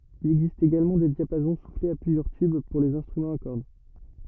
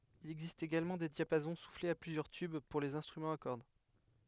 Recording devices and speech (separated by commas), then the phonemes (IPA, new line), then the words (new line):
rigid in-ear microphone, headset microphone, read sentence
il ɛɡzist eɡalmɑ̃ de djapazɔ̃ suflez a plyzjœʁ tyb puʁ lez ɛ̃stʁymɑ̃z a kɔʁd
Il existe également des diapasons soufflés à plusieurs tubes, pour les instruments à cordes.